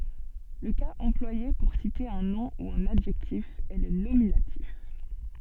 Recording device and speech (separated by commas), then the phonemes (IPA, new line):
soft in-ear microphone, read sentence
lə kaz ɑ̃plwaje puʁ site œ̃ nɔ̃ u œ̃n adʒɛktif ɛ lə nominatif